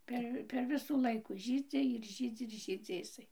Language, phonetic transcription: Lithuanian, ˈper per ˈvisų ˈlaikų ˈžydzi ir ˈžydzi ir ˈžydzi iˈsai

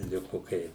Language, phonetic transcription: Lithuanian, ˈliku ˈkai

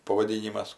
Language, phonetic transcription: Lithuanian, pavaˈdynimas

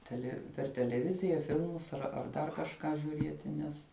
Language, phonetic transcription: Lithuanian, ˈtele per teleˈvizija ˈfilmus ar ar ˈdar kažˈką žiūˈrieti ˈnes

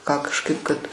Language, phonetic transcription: Lithuanian, ką kažˈkaip kad

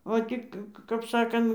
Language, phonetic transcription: Lithuanian, o ˈtik kap ˈsakan

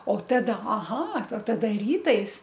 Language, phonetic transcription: Lithuanian, o ˈtada aˈha o ˈtada ˈrytais

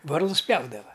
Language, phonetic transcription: Lithuanian, ˈvarlus ˈpjaudava

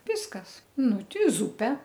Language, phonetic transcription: Lithuanian, ˈviskasˈnu ˈti ˈzupe

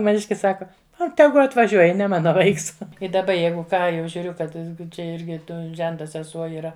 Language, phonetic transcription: Lithuanian, maˈniškis ˈsaka a ˈtegu atvaˈžiuoj ne ˈmana ˈvaiks i daˈba ˈjeigu ˈką jau žiūˈriu kad ˈčia ˈirgi ˈto ˈženta seˈsuo yˈra

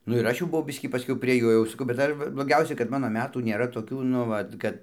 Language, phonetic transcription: Lithuanian, ˈnu ir ˈaš jau buˈvau ˈbiskį paˈskiau prie ˈjo jau saˈkau bet ˈdar va bloˈgiausia kad ˈmano ˈmetų nėˈra toˈkių nu ˈvat kad

